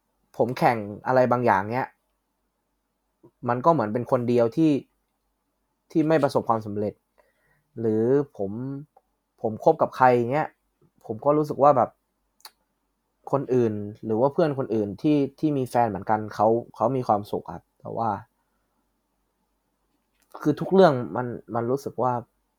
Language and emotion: Thai, frustrated